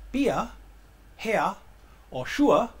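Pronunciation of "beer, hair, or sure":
'Beer', 'hair' and 'sure' are said with a strong German accent.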